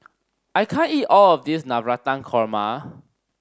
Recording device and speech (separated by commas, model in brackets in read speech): standing microphone (AKG C214), read sentence